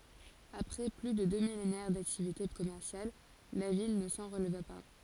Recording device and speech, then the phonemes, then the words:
forehead accelerometer, read sentence
apʁɛ ply də dø milenɛʁ daktivite kɔmɛʁsjal la vil nə sɑ̃ ʁəlva pa
Après plus de deux millénaires d'activités commerciales, la ville ne s'en releva pas.

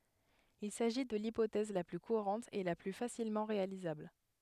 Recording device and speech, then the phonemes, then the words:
headset microphone, read sentence
il saʒi də lipotɛz la ply kuʁɑ̃t e la ply fasilmɑ̃ ʁealizabl
Il s'agit de l'hypothèse la plus courante et la plus facilement réalisable.

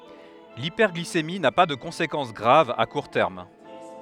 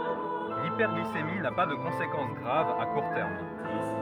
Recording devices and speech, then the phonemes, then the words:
headset microphone, rigid in-ear microphone, read sentence
lipɛʁɡlisemi na pa də kɔ̃sekɑ̃s ɡʁav a kuʁ tɛʁm
L'hyperglycémie n'a pas de conséquence grave à court terme.

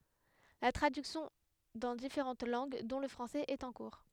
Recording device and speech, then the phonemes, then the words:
headset microphone, read sentence
la tʁadyksjɔ̃ dɑ̃ difeʁɑ̃t lɑ̃ɡ dɔ̃ lə fʁɑ̃sɛz ɛt ɑ̃ kuʁ
La traduction dans différentes langues, dont le français, est en cours.

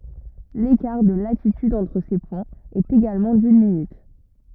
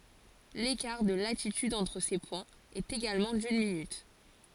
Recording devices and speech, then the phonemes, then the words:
rigid in-ear microphone, forehead accelerometer, read sentence
lekaʁ də latityd ɑ̃tʁ se pwɛ̃z ɛt eɡalmɑ̃ dyn minyt
L'écart de latitude entre ces points est également d'une minute.

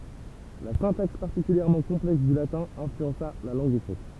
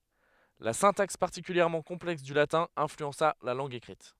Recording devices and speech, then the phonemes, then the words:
temple vibration pickup, headset microphone, read sentence
la sɛ̃taks paʁtikyljɛʁmɑ̃ kɔ̃plɛks dy latɛ̃ ɛ̃flyɑ̃sa la lɑ̃ɡ ekʁit
La syntaxe particulièrement complexe du latin influença la langue écrite.

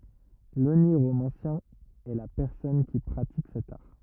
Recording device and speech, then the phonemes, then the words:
rigid in-ear microphone, read sentence
loniʁomɑ̃sjɛ̃ ɛ la pɛʁsɔn ki pʁatik sɛt aʁ
L’oniromancien est la personne qui pratique cet art.

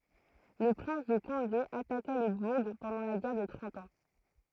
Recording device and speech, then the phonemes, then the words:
throat microphone, read sentence
lə pʁɛ̃s də kɔ̃de ataka lə buʁ pɑ̃dɑ̃ la ɡɛʁ də tʁɑ̃t ɑ̃
Le prince de Condé attaqua le bourg pendant la guerre de Trente Ans.

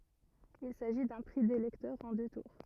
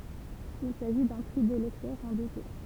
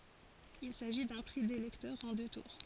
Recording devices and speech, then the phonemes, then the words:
rigid in-ear microphone, temple vibration pickup, forehead accelerometer, read sentence
il saʒi dœ̃ pʁi de lɛktœʁz ɑ̃ dø tuʁ
Il s'agit d'un prix des lecteurs, en deux tours.

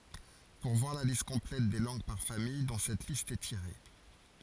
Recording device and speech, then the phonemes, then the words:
forehead accelerometer, read sentence
puʁ vwaʁ la list kɔ̃plɛt de lɑ̃ɡ paʁ famij dɔ̃ sɛt list ɛ tiʁe
Pour voir la liste complète des langues par famille dont cette liste est tirée.

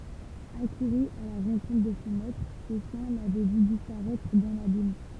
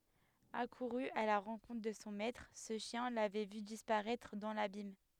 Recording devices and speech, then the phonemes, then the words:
temple vibration pickup, headset microphone, read sentence
akuʁy a la ʁɑ̃kɔ̃tʁ də sɔ̃ mɛtʁ sə ʃjɛ̃ lavɛ vy dispaʁɛtʁ dɑ̃ labim
Accouru à la rencontre de son maître, ce chien l’avait vu disparaître dans l’abîme.

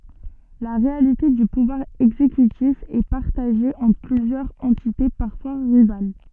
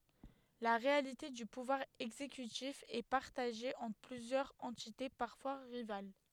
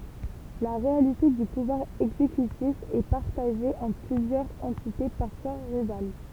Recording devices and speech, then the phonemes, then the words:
soft in-ear microphone, headset microphone, temple vibration pickup, read sentence
la ʁealite dy puvwaʁ ɛɡzekytif ɛ paʁtaʒe ɑ̃tʁ plyzjœʁz ɑ̃tite paʁfwa ʁival
La réalité du pouvoir exécutif est partagé entre plusieurs entités, parfois rivales.

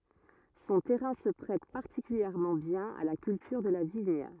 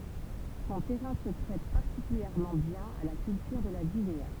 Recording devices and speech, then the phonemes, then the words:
rigid in-ear microphone, temple vibration pickup, read sentence
sɔ̃ tɛʁɛ̃ sə pʁɛt paʁtikyljɛʁmɑ̃ bjɛ̃n a la kyltyʁ də la viɲ
Son terrain se prête particulièrement bien à la culture de la vigne.

